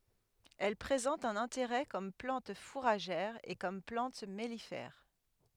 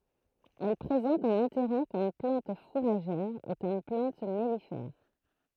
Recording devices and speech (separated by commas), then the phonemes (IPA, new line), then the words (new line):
headset microphone, throat microphone, read sentence
ɛl pʁezɑ̃t œ̃n ɛ̃teʁɛ kɔm plɑ̃t fuʁaʒɛʁ e kɔm plɑ̃t mɛlifɛʁ
Elle présente un intérêt comme plante fourragère et comme plante mellifère.